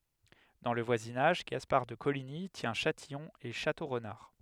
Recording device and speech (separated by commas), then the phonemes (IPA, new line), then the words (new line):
headset microphone, read sentence
dɑ̃ lə vwazinaʒ ɡaspaʁ də koliɲi tjɛ̃ ʃatijɔ̃ e ʃatoʁnaʁ
Dans le voisinage, Gaspard de Coligny tient Châtillon et Château-Renard.